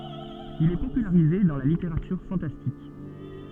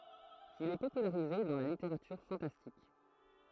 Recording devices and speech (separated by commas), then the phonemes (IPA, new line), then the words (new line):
soft in-ear microphone, throat microphone, read sentence
il ɛ popylaʁize dɑ̃ la liteʁatyʁ fɑ̃tastik
Il est popularisé dans la littérature fantastique.